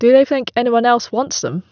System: none